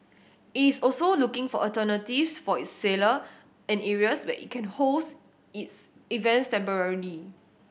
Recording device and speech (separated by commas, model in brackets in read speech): boundary microphone (BM630), read sentence